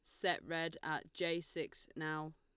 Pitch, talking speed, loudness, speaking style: 160 Hz, 165 wpm, -41 LUFS, Lombard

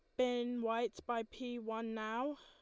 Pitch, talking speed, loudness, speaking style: 235 Hz, 165 wpm, -40 LUFS, Lombard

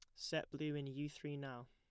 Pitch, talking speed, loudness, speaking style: 145 Hz, 240 wpm, -45 LUFS, plain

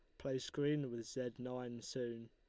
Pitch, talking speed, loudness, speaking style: 125 Hz, 170 wpm, -43 LUFS, Lombard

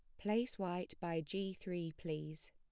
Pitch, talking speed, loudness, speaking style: 175 Hz, 155 wpm, -42 LUFS, plain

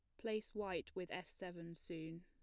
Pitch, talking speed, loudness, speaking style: 180 Hz, 175 wpm, -47 LUFS, plain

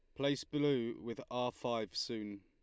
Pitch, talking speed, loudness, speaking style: 120 Hz, 160 wpm, -38 LUFS, Lombard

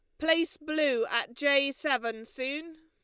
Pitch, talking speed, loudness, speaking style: 295 Hz, 135 wpm, -29 LUFS, Lombard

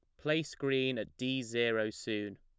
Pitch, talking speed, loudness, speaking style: 130 Hz, 165 wpm, -34 LUFS, plain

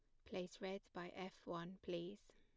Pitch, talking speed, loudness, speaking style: 180 Hz, 170 wpm, -50 LUFS, plain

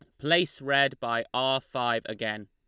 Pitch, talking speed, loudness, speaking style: 125 Hz, 160 wpm, -27 LUFS, Lombard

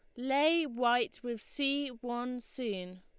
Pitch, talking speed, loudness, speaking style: 245 Hz, 130 wpm, -33 LUFS, Lombard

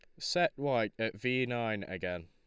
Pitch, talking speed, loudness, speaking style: 110 Hz, 175 wpm, -33 LUFS, Lombard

